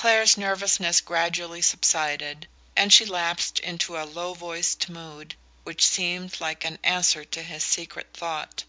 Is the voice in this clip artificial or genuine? genuine